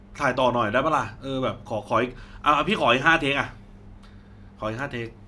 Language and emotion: Thai, frustrated